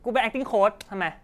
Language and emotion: Thai, frustrated